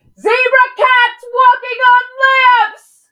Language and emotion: English, angry